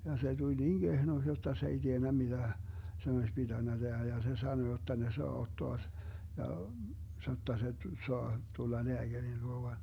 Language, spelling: Finnish, ja se tuli niin kehnoksi jotta se ei tiennyt mitä sen olisi pitänyt tehdä ja se sanoi jotta ne saa ottaa - ja sanoi jotta se saa tulla lääkärin luo vain
- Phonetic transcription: ja se 'tuĺ "niiŋ 'Gehnoks jotta se ei 'tiennä 'miDä , sen oś 'piDännä 'Dehä ja se 'sano jotta 'ne soa 'ottoa s- , ja , (sanoi jotta) se , 'soa , 'tulla 'leäGärin luo van .

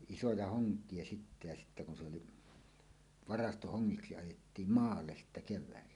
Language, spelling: Finnish, isoja honkia sitten ja sitten kun se oli varastohongiksi ajettiin maalle sitten keväällä
- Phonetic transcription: isoja "hoŋk̀ie 'sittä ja sittä kun se oli , "varastohoŋŋiksi 'ajettiim "maalles sittä kev̆väällä .

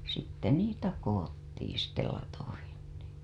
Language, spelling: Finnish, sitten niitä koottiin sitten latoihin niin
- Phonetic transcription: sitte 'niitä 'koWottiin̬ sitte latohin NII .

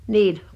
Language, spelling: Finnish, niin
- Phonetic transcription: nin .

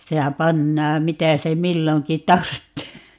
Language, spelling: Finnish, sehän pannaan mitä se milloinkin tarvitsee
- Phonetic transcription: 'sehä "pannaam "mitä se 'milloŋki "tarttee .

